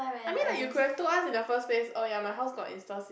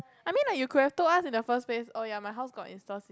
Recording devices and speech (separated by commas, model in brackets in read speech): boundary microphone, close-talking microphone, conversation in the same room